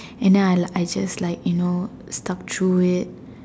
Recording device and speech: standing microphone, conversation in separate rooms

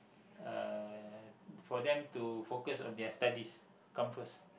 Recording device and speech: boundary microphone, conversation in the same room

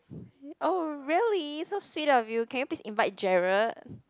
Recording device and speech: close-talking microphone, conversation in the same room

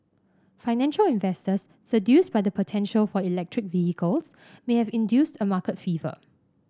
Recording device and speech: standing microphone (AKG C214), read sentence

